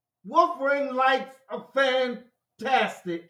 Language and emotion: English, disgusted